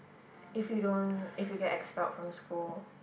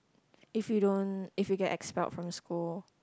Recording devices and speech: boundary microphone, close-talking microphone, conversation in the same room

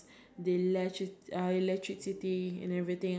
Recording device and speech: standing microphone, conversation in separate rooms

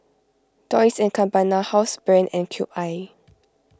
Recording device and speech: close-talking microphone (WH20), read sentence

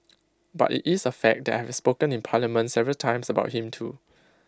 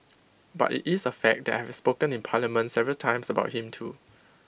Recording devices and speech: close-talking microphone (WH20), boundary microphone (BM630), read sentence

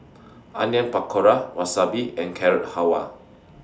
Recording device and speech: standing microphone (AKG C214), read sentence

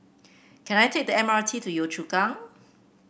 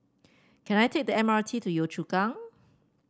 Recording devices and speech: boundary microphone (BM630), standing microphone (AKG C214), read sentence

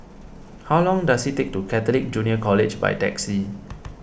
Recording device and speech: boundary microphone (BM630), read sentence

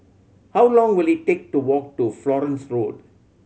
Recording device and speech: mobile phone (Samsung C7100), read sentence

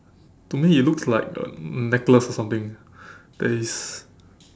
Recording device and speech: standing microphone, conversation in separate rooms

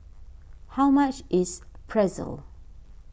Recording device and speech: boundary microphone (BM630), read sentence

